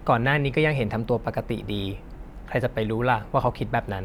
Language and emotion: Thai, neutral